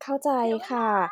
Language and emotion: Thai, neutral